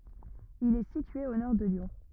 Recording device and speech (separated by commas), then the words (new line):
rigid in-ear microphone, read sentence
Il est situé au nord de Lyon.